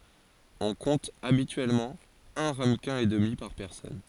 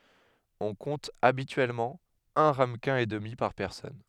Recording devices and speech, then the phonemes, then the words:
forehead accelerometer, headset microphone, read sentence
ɔ̃ kɔ̃t abityɛlmɑ̃ œ̃ ʁaməkɛ̃ e dəmi paʁ pɛʁsɔn
On compte habituellement un ramequin et demi par personne.

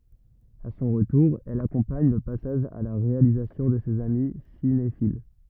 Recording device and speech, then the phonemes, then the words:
rigid in-ear microphone, read sentence
a sɔ̃ ʁətuʁ ɛl akɔ̃paɲ lə pasaʒ a la ʁealizasjɔ̃ də sez ami sinefil
À son retour, elle accompagne le passage à la réalisation de ses amis cinéphiles.

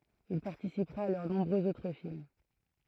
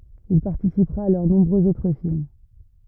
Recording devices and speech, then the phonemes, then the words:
throat microphone, rigid in-ear microphone, read sentence
il paʁtisipʁa a lœʁ nɔ̃bʁøz otʁ film
Il participera à leurs nombreux autres films.

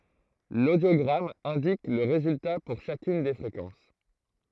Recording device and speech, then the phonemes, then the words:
throat microphone, read sentence
lodjoɡʁam ɛ̃dik lə ʁezylta puʁ ʃakyn de fʁekɑ̃s
L'audiogramme indique le résultat pour chacune des fréquences.

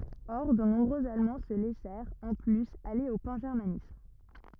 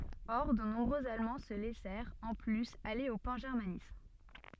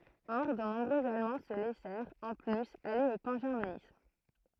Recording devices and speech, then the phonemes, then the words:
rigid in-ear microphone, soft in-ear microphone, throat microphone, read sentence
ɔʁ də nɔ̃bʁøz almɑ̃ sə lɛsɛʁt ɑ̃ plyz ale o pɑ̃ʒɛʁmanism
Or, de nombreux Allemands se laissèrent, en plus, aller au pangermanisme.

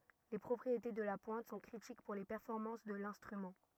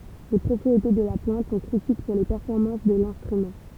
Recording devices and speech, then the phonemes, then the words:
rigid in-ear microphone, temple vibration pickup, read sentence
le pʁɔpʁiete də la pwɛ̃t sɔ̃ kʁitik puʁ le pɛʁfɔʁmɑ̃s də lɛ̃stʁymɑ̃
Les propriétés de la pointe sont critiques pour les performances de l'instrument.

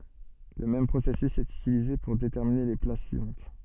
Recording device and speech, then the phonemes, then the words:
soft in-ear microphone, read sentence
lə mɛm pʁosɛsys ɛt ytilize puʁ detɛʁmine le plas syivɑ̃t
Le même processus est utilisé pour déterminer les places suivantes.

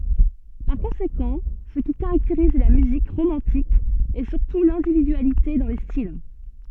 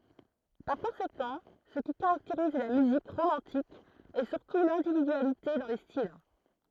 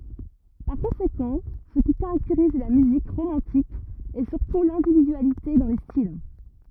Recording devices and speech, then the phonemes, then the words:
soft in-ear microphone, throat microphone, rigid in-ear microphone, read sentence
paʁ kɔ̃sekɑ̃ sə ki kaʁakteʁiz la myzik ʁomɑ̃tik ɛ syʁtu lɛ̃dividyalite dɑ̃ le stil
Par conséquent, ce qui caractérise la musique romantique est surtout l'individualité dans les styles.

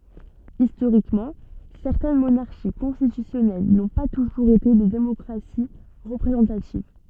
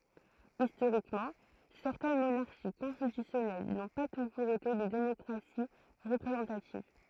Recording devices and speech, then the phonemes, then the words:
soft in-ear microphone, throat microphone, read sentence
istoʁikmɑ̃ sɛʁtɛn monaʁʃi kɔ̃stitysjɔnɛl nɔ̃ pa tuʒuʁz ete de demɔkʁasi ʁəpʁezɑ̃tativ
Historiquement, certaines monarchies constitutionnelles n'ont pas toujours été des démocraties représentatives.

